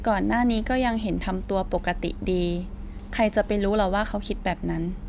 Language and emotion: Thai, neutral